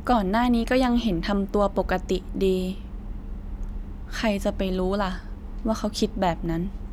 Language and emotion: Thai, neutral